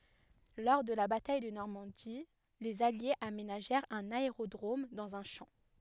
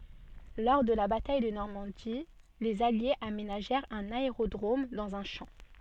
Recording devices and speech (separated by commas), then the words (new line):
headset microphone, soft in-ear microphone, read sentence
Lors de la bataille de Normandie, les Alliés aménagèrent un aérodrome dans un champ.